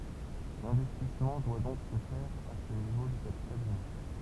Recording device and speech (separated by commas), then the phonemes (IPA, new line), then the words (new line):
temple vibration pickup, read sentence
lɛ̃vɛstismɑ̃ dwa dɔ̃k sə fɛʁ a sə nivo dy kapital ymɛ̃
L'investissement doit donc se faire à ce niveau du capital humain.